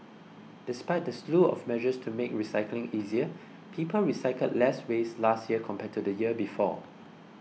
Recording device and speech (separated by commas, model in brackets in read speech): mobile phone (iPhone 6), read sentence